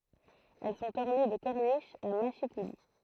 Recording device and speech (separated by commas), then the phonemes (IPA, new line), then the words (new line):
throat microphone, read sentence
ɛl sɔ̃t ɔʁne də kɔʁniʃz a maʃikuli
Elles sont ornées de corniches à mâchicoulis.